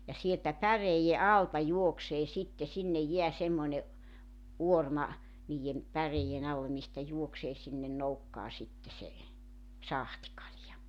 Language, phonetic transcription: Finnish, ja sieltä 'päreijje 'alta 'juoksee 'sitte sinnej 'jeä semmoⁱne , '’uorma , niijjem , 'päreiʲe'n ‿alle mistä 'juoksee sinne 'noukkaa sitte se , "sahtⁱkalja .
- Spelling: ja sieltä päreiden alta juoksee sitten sinne jää semmoinen uorma niiden päreiden alle mistä juoksee sinne nokkaan sitten se sahtikalja

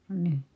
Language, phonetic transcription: Finnish, (ka) nii .
- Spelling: ka niin

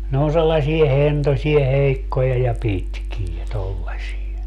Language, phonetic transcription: Finnish, ne on 'sellasie "hentosie 'heikkoja ja "pitkie 'tollasie .
- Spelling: ne on sellaisia hentoisia heikkoja ja pitkiä tuollaisia

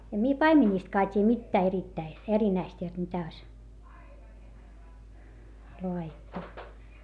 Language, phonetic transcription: Finnish, em mie paimeńìstkaa t́iiʲᵃ̈ mittää erittäi , erinäist jot mitä oⁱs , loa₍ittu .
- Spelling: en minä paimenistakaan tiedä mitään erittäin erinäistä jotta mitä olisi laadittu

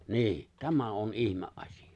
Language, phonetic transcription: Finnish, 'ni̬i̬ , 'tämä ’on '’ihme’ '’aśiʲᴀ .
- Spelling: niin tämä on ihmeasia

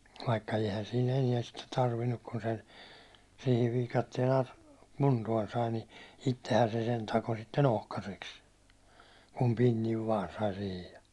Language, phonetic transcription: Finnish, vaikka eihän sii'n ‿eniɛn sitte 'tarvinnuk kun se , siihi viikattien a- , 'kuntuån sai ni , 'ittehän se sen 'tako sitte'n ‿ohkaseks , kum 'pinniv vaan sai sihij ja .
- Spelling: vaikka eihän siinä enää sitten tarvinnut kun se siihen viikatteen - kuntoon sai niin itsehän se sen takoi sitten ohkaiseksi kun pinnin vain sai siihen ja

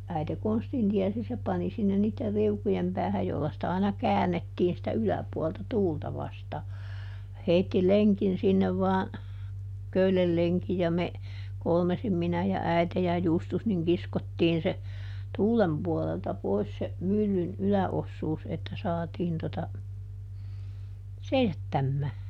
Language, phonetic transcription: Finnish, ˈäite "konstin ˈtiɛsi se ˈpani sinnen niitter ˈriukujem ˈpäähäj jolla sⁱtä aina "käännettiin sitä "yläpuɔlta "tuulta ˈvastaa , ˈheitti "leŋkin ˈsinnev vaan , ˈköylel leŋki ja ˈme , ˈkolmesim ˈminä ja ˈäite ja ˈJustus niŋ ˈkiskottiin se , "tuulem puɔlelta ˈpois se , ˈmyllyn "ylä₍ossuus että ˈsaatiin tota , "seisättämmää .
- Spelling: äiti konstin tiesi se pani sinne niiden riukujen päähän jolla sitä aina käännettiin sitä yläpuolta tuulta vastaan heitti lenkin sinne vain köyden lenkin ja me kolmisin minä ja äiti ja Justus niin kiskottiin se tuulen puolelta pois se myllyn yläosuus että saatiin tuota seisattamaan

